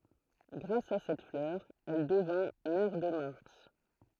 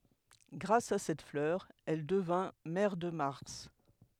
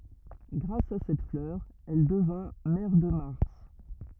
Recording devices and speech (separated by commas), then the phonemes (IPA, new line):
throat microphone, headset microphone, rigid in-ear microphone, read sentence
ɡʁas a sɛt flœʁ ɛl dəvɛ̃ mɛʁ də maʁs